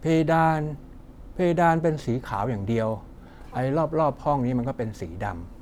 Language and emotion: Thai, neutral